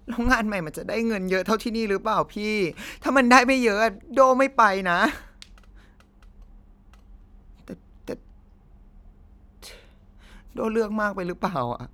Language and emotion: Thai, sad